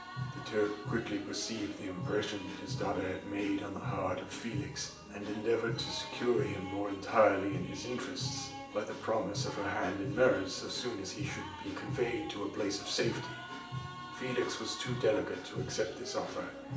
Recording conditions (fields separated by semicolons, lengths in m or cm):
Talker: one person; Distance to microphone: 1.8 m; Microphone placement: close; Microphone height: 1.0 m; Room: large; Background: music